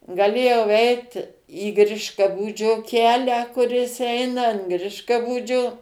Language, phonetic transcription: Lithuanian, gaˈlėjau ˈeit į ˈgriškabūdžio ˈkelią kuˈris ˈeina an ˈgriškabūdžio

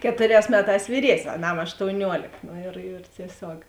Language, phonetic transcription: Lithuanian, ˈketuˌrēs ˈmeˌtās vyˈries'n's' aˈnam aštouˈniuolėk no ir ir tieˈsiog

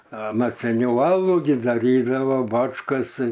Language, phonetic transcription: Lithuanian, a ˈmat seˈniau ˈalu gi daˈrydava ˈbačkas

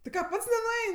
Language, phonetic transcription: Lithuanian, ti ˈką ˈpats nenuˈein'

